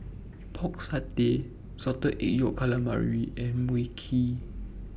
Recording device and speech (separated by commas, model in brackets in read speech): boundary microphone (BM630), read sentence